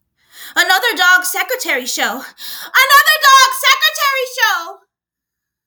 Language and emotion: English, fearful